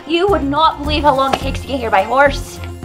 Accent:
thick Scottish accent